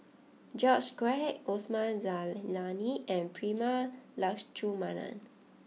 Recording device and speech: mobile phone (iPhone 6), read sentence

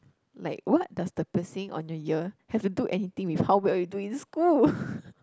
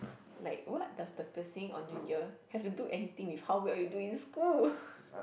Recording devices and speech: close-talking microphone, boundary microphone, conversation in the same room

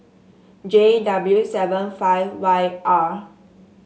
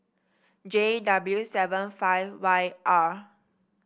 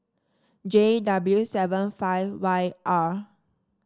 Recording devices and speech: mobile phone (Samsung S8), boundary microphone (BM630), standing microphone (AKG C214), read sentence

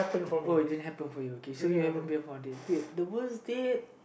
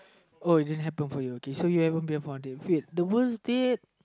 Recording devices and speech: boundary microphone, close-talking microphone, conversation in the same room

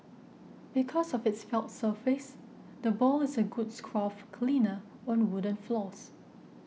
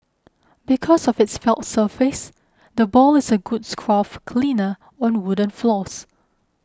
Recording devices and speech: mobile phone (iPhone 6), close-talking microphone (WH20), read sentence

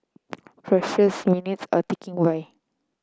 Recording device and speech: close-talking microphone (WH30), read sentence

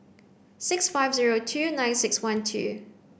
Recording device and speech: boundary microphone (BM630), read sentence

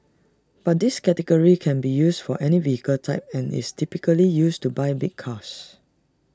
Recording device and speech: standing microphone (AKG C214), read sentence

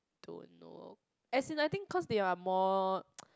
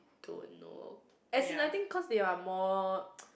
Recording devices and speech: close-talking microphone, boundary microphone, conversation in the same room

